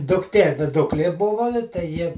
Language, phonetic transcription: Lithuanian, dukˈtie viˈduklie ˈbuvo tai ˈji

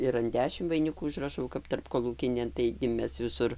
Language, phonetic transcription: Lithuanian, ir an ˈdešimt vainˈikų užraˈšau kap tarpkoˈlūkinėn taigi ˈmes viˈsur

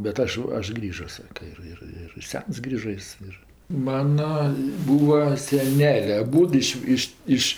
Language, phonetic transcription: Lithuanian, bet ˈaš ˈaš ˈgrįžo ˈsaka ir ˈir ir ˈsens ˈgrįža ˈjis ir ˈmana ˈbūva seˈnelė aˈbūdu iš ˈiš ˈiš

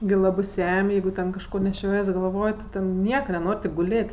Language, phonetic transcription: Lithuanian, gi ˈlabɜ ˈsem' ˈjeigu ten kažˈko neˈšiojies galˈvoj ti ˈten ˈnieka neˈnor' tik guˈlėt'

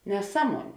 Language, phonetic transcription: Lithuanian, neˈsaˌmuonė

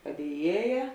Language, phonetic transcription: Lithuanian, padieˈjieja

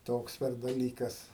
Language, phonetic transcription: Lithuanian, ˈtoks per daˈlykas

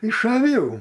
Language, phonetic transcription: Lithuanian, iš aˈvių

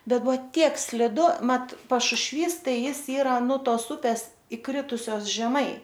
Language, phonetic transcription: Lithuanian, ˈbet ˈbuvo ˈtiek sliˈdu ˈmat pašušˈvys ˈtai ˈjis ˈyra nu ˈtos ˈupes iˈkritusios žeˈmai

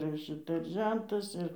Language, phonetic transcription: Lithuanian, ir ˈšita ir ˈžentas ir

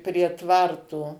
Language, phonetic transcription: Lithuanian, prie ˈtvarto

